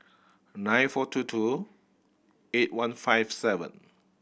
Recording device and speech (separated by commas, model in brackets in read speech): boundary microphone (BM630), read sentence